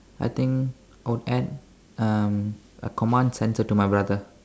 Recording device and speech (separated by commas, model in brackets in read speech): standing microphone, conversation in separate rooms